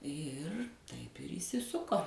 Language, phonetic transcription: Lithuanian, ˈir taip ir įsiˈsuko

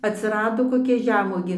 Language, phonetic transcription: Lithuanian, atsiˈrado koˈkia ˈžemuogė

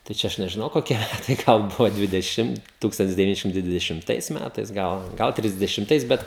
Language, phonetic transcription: Lithuanian, tai ˈčia ˈaš nežiˈnau koˈkia tai ˈgal ˈbuvo dvideˈšim ˈtūkstantis deviˈni ˈšimtai dvidešimˈtais ˈmætais ˈgal ˈgal trisdešimˈtais ˈbet

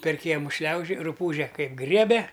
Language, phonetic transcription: Lithuanian, per ˈkiemu ˈšliaužioj ruˈpūže ˈkaip ˈgriebe

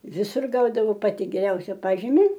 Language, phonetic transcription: Lithuanian, viˈsur ˈgaudavo ˈpati geˈriausia ˈpažimi

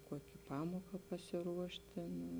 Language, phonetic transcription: Lithuanian, ˈkuoki ˈpamuoka pasiˈruošt ˈtėn

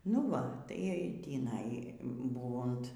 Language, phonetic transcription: Lithuanian, nu ˈva tai tįˈnai ˈbūvunt

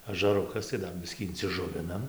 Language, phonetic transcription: Lithuanian, ažaˈrukas tai ˈdar ˈbiskį inciˈžuvinam

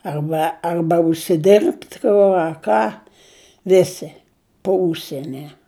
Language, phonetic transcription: Lithuanian, arˈba ˈarba užsiˈdirbt ˈku a ˈką ˈvisi po ˈužsieni

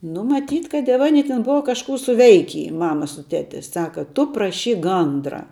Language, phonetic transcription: Lithuanian, nu maˈtyt kad jav aˈni ti ˈbuva kažˈkų suˈveiky ˈmama su ˈteti ˈsaka ˈtu praˈšyk ˈgandra

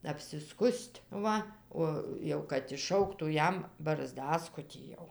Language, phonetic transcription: Lithuanian, apsiˈskus't' ˈva ˈo jau kad išˈšauktų ˈjam barˈzdaskutį jau

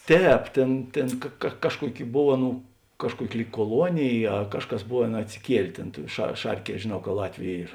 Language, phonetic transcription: Lithuanian, ˈtēp ˈtėn ˈtėn ka ka ˈkažkuoˌki ˈbov ˈaˌnų ˈkažkuoˌki ˈlyg kuoˈluonėj a ˈkažˌkas ˈboˌvėn atsiˈkielė ˈtėn tuo ša ˈšarˌkie žėˈnau ka ˈlatviu ˈyr

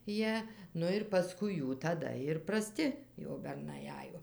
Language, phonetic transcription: Lithuanian, ˈjie ˈnu ir paˈskui ˈjų taˈda ir praˈsti jau berˈnai ˈajo

